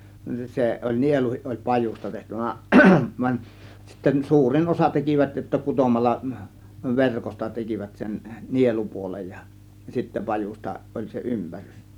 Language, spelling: Finnish, se oli nieluun oli pajusta tehty vaan vaan sitten suurin osa tekivät jotta kutomalla verkosta tekivät sen nielupuolen ja sitten pajusta oli se ympärys
- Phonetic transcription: 'se oĺ "nieluhiˀ ˀoĺ "pajus̆ta (tehty va) , vań sitten "suurin 'osa 'tekivät jotta 'kutomalla , 'verkosta 'tekivät sen , "nielupuolej ja , sittä "pajusta 'ˀoĺ se , "ympärys .

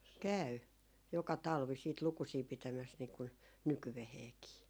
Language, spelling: Finnish, käy joka talvi sitten lukusia pitämässä niin kun nykyäänkin
- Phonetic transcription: "käy , 'joka "talvi siit 'lukusii 'pitämäs niikun , "nykyveheekii .

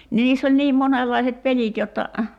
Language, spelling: Finnish, niin niissä oli niin monenlaiset pelit jotta
- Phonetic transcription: ni 'niiss ‿oĺ 'niim 'monellaiset 'pelit jotta ,.

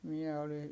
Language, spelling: Finnish, minä olin
- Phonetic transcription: miɛ oli ,.

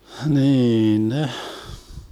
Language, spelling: Finnish, niin ne
- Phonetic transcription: hniin neh .

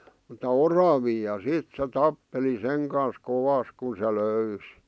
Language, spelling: Finnish, mutta oravia ja sitten se tappeli sen kanssa kovasti kun se löysi
- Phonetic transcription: ᵐuta "oravii ja "sìt se 'tappeli 'seŋ kan̬s 'kovas kun se 'lö̀ysi .

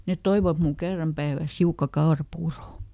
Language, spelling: Finnish, ne toivat minulle kerran päivässä hiukan kaurapuuroa
- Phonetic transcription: net "toivat mul ˈkerram päivä̀s ˈhiukka "kaoraˈpuuro .

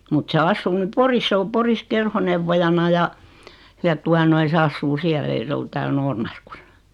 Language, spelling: Finnish, mutta se asuu nyt Porissa se on Porissa kerhoneuvojana ja ja tuota noin se asuu siellä ei se ole täällä Noormarkussa
- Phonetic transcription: mut se 'assuu ny "Poris 'sᵉ o "Poris 'kerhonevvojana ja , ja 'tua noi se assuu 'siäl ei se ol tääl 'NoormarkusA .

